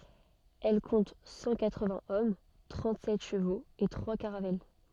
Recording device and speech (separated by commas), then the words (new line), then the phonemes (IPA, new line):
soft in-ear microphone, read sentence
Elle compte cent quatre-vingts hommes, trente-sept chevaux et trois caravelles.
ɛl kɔ̃t sɑ̃ katʁəvɛ̃z ɔm tʁɑ̃tzɛt ʃəvoz e tʁwa kaʁavɛl